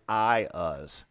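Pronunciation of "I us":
The word is pronounced incorrectly here: it is said as 'I us', not as 'E ooze'.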